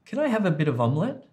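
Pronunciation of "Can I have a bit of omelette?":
In 'Can I have a bit of omelette?', the words are really connected up.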